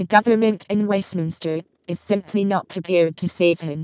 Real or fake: fake